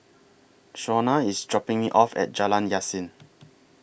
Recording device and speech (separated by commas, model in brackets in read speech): boundary microphone (BM630), read sentence